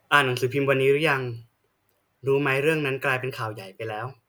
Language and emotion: Thai, neutral